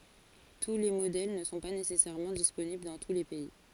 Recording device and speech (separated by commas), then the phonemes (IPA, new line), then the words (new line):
forehead accelerometer, read sentence
tu le modɛl nə sɔ̃ pa nesɛsɛʁmɑ̃ disponibl dɑ̃ tu le pɛi
Tous les modèles ne sont pas nécessairement disponibles dans tous les pays.